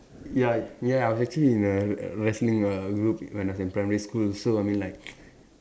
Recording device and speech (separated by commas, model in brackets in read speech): standing microphone, conversation in separate rooms